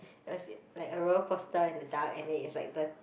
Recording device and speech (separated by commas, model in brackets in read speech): boundary microphone, conversation in the same room